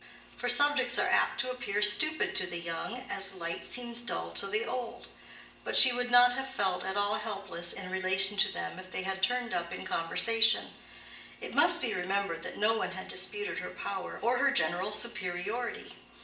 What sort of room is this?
A big room.